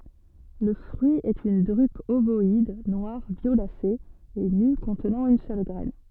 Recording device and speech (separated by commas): soft in-ear microphone, read sentence